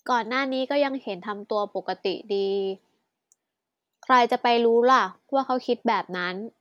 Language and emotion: Thai, frustrated